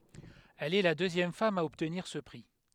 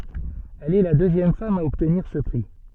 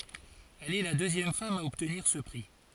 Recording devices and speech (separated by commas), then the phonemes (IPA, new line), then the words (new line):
headset microphone, soft in-ear microphone, forehead accelerometer, read sentence
ɛl ɛ la døzjɛm fam a ɔbtniʁ sə pʁi
Elle est la deuxième femme a obtenir ce prix.